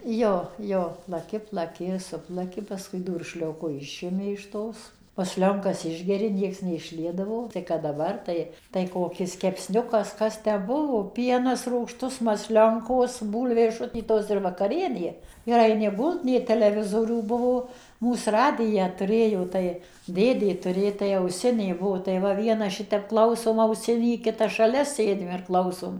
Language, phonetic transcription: Lithuanian, ˈjo ˈjo plaˈki plaˈki ˈsuplaki pasˈkui ˈdūršlioku ˈišimi iš ˈtos masˈlionkas ˈišgeri ˈnieks neišˈliedavo tai kad daˈbar ˈtai tai koˈkis kepˈsniukas ˈkas tę ˈbuvo ˈpienas rūgˈštus masˈlionkos ˈbūlvės ˈšutytos ir vakaˈrienė ir aiˈni ˈgult nė teleˈvizorių ˈbuvo ˈmūs ˈradiją tuˈrėjo ˈtai ˈdėdė tuˈrė tai auˈsinė ˈbuo tai va ˈvienas ˈšitep ˈklausom auˈsinį ˈkitas šaˈlia ˈsėdim ir ˈklausom

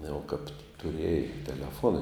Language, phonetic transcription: Lithuanian, jau kap tuˈriejai teleˈfuona

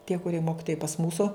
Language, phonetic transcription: Lithuanian, tie kuˈrie ˈmokitojai pas ˈmūsu

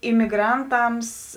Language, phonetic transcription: Lithuanian, imiˈgranˌtams

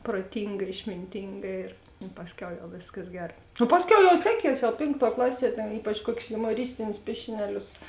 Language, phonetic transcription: Lithuanian, proˈtinga išminˈtinga ir i ˈpasˌkiau jau ˈvėskas ˈger nu ˈpasˌkiau jau ˈseˌkies jau ˈpėnkˌtuo ˈklaˌsie ten ˈypač ˈkuokius jumoˈristinius ˈpiešineˌlius

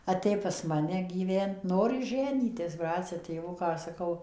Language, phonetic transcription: Lithuanian, aˈtė pas ˈmane gyˈvent ˈnori ˈženytis ˈbracia tėˈvuką saˈkau

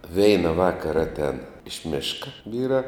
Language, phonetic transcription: Lithuanian, ˈveina ˈvakara ˈaten iš ˈmėška ˈvyrā

